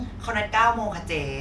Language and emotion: Thai, frustrated